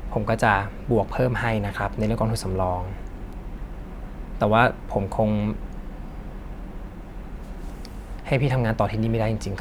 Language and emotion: Thai, neutral